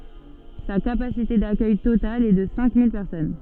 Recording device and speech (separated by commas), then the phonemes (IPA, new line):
soft in-ear microphone, read sentence
sa kapasite dakœj total ɛ də sɛ̃ mil pɛʁsɔn